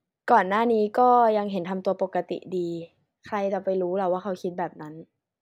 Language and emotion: Thai, neutral